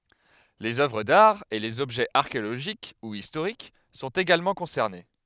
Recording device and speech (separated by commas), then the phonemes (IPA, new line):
headset microphone, read sentence
lez œvʁ daʁ e lez ɔbʒɛz aʁkeoloʒik u istoʁik sɔ̃t eɡalmɑ̃ kɔ̃sɛʁne